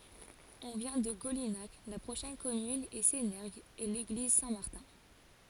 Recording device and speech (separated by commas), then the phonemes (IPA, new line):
forehead accelerometer, read sentence
ɔ̃ vjɛ̃ də ɡolinak la pʁoʃɛn kɔmyn ɛ senɛʁɡz e leɡliz sɛ̃tmaʁtɛ̃